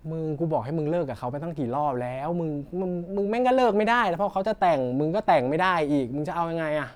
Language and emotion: Thai, frustrated